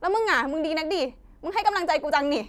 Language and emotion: Thai, angry